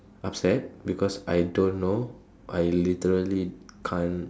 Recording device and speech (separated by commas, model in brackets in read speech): standing microphone, conversation in separate rooms